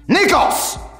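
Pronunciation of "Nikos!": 'Nikos' is said very aggressively.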